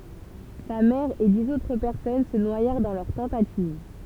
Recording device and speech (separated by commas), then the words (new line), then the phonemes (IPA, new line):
temple vibration pickup, read sentence
Sa mère et dix autres personnes se noyèrent dans leur tentative.
sa mɛʁ e diz otʁ pɛʁsɔn sə nwajɛʁ dɑ̃ lœʁ tɑ̃tativ